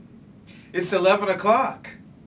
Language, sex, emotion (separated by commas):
English, male, happy